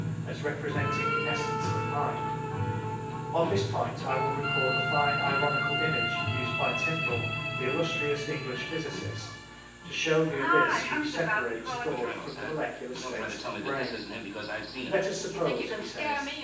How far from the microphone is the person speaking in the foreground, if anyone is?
9.8 m.